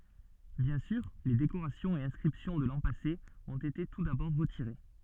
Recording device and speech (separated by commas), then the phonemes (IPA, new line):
soft in-ear microphone, read sentence
bjɛ̃ syʁ le dekoʁasjɔ̃z e ɛ̃skʁipsjɔ̃ də lɑ̃ pase ɔ̃t ete tu dabɔʁ ʁətiʁe